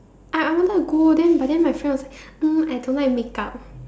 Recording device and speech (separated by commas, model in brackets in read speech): standing microphone, conversation in separate rooms